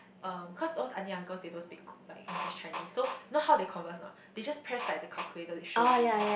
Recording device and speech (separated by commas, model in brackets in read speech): boundary microphone, conversation in the same room